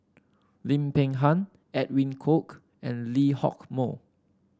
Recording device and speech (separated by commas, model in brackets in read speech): standing microphone (AKG C214), read sentence